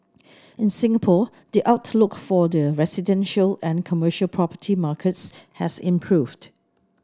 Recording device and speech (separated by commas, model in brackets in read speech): standing microphone (AKG C214), read sentence